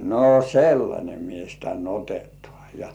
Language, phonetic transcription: Finnish, » no "sellańe 'mies tän 'otetŏà « ja .
- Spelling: no sellainen mies tänne otetaan ja

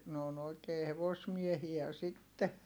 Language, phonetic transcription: Finnish, n ‿oon ‿oi̮kee hevosmiehiä sitte .
- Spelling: ne on oikein hevosmiehiä sitten

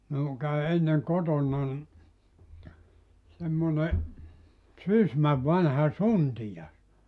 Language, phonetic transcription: Finnish, minuŋ käy 'enneŋ "kotonnan , semmone , "Sysmäv 'vanha "suntija(s) .
- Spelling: minun kävi ennen kotonani semmoinen Sysmän vanha suntio

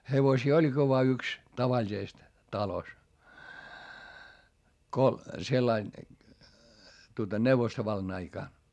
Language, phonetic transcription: Finnish, hevosii oĺGi voa yks , tavaĺisest , talos , ko sellain , tuota neuvostovallan ‿aikàn .
- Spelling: hevosia olikin vain yksi tavallisesti talossa kun sillä lailla tuota neuvostovallan aikana

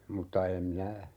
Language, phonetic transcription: Finnish, 'mutta "em minä , .
- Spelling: mutta en minä

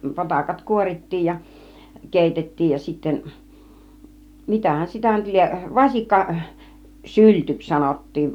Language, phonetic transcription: Finnish, 'potakat "kuorit̀tiij ja , 'kèitettiij ja sitten̬ , 'mitähän sitä nyt 'lieˀ , 'vasikka , "syltyks 'sanot̀tiin .
- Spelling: potakat kuorittiin ja keitettiin ja sitten mitähän sitä nyt lie vasikka syltyksi sanottiin

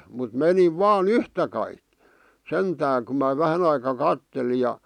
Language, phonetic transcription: Finnish, mut "meniv "vaan "yhtä kaiᵏ , 'sentää ku mä 'vähän ‿aika "katteli ja ,.
- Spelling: mutta menin vain yhtä kaikki sentään kun minä vähän aikaa katselin ja

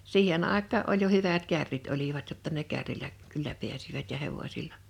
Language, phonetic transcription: Finnish, 'siihen '’àek̆kaa ’oĺ jo 'hyvät 'kärrit olivat jotta ne 'kärrilä , kyllä 'piäsivät ja 'hevosilla .
- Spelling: siihen aikaan oli jo hyvät kärrit olivat jotta ne kärryllä kyllä pääsivät ja hevosilla

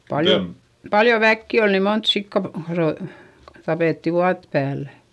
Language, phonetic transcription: Finnish, paljo , paljo väkki ol ni mont sikka ro- , tapètti vuat päällÄ .
- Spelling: paljon paljon väkeä oli niin monta sikaa - tapettiin vuotta päällä

